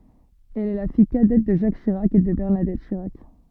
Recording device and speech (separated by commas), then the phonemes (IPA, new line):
soft in-ear microphone, read sentence
ɛl ɛ la fij kadɛt də ʒak ʃiʁak e də bɛʁnadɛt ʃiʁak